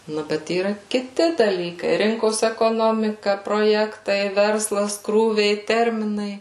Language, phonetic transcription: Lithuanian, ˈnu ˈbet yˈra kiˈti daˈlykai ˈrinkos ekoˈnomika proˈjektai ˈverslas ˈkrūviai ˈterminai

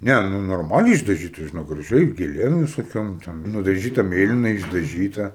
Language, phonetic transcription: Lithuanian, ˈne nu norˈmaliai išdaˈžyta žiˈnok graˈžiai gėˈlėm visoˈkiom ˈten nudaˈžyta ˈmėlinai išdaˈžyta

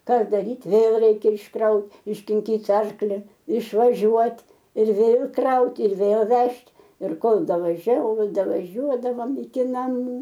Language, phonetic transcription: Lithuanian, ˈką daˈryt ˈvėl ˈreikia išˈkraut iškinˈkyt' ˈarkli išvaˈžiuot' ir ˈvėl ˈkrauti ir vėl ˈvežt' ir ˈkol davaˈžiau ˈkol davaˈžiuodavom iki naˈmų

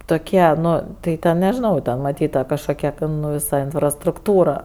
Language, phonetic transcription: Lithuanian, toˈkie ˈnu tai ˈten nežiˈnau ˈten maˈtyt ta kažˈkokia ten ˈnu viˈsa infrastrukˈtūra

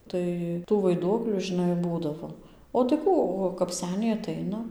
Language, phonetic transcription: Lithuanian, ˈtai tų vaiˈduoklių žiˈnai ˈbūdavo o tai ˈkų o kap ˈseniai aˈtaina

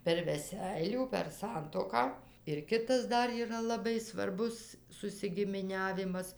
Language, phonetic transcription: Lithuanian, per veˈseilių per ˈsantuoką ir ˈkitas ˈdar yˈra laˈbai svarˈbus susigimiˈniavimas

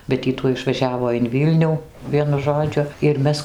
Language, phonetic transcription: Lithuanian, bet ˈy tuoj išvaˈžiavo in ˈvylnių ˈvienu ˈžodžiu ir ˈmes

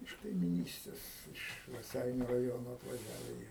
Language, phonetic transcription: Lithuanian, iš kaimiˈnystės iš raˈseiniu raˈjono atvaˈžiave jie

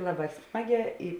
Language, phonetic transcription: Lithuanian, ˈlaˌbā ˈsmaˌgē i

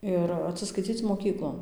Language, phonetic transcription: Lithuanian, ˈir atsiskaiˈcyc moˈkyklon

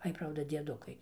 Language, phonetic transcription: Lithuanian, ˈai ˈprauda dieˈdukai

